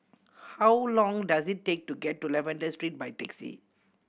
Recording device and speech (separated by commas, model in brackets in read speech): boundary microphone (BM630), read sentence